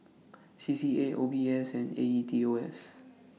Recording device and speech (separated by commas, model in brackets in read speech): mobile phone (iPhone 6), read sentence